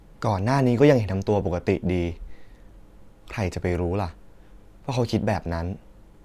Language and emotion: Thai, frustrated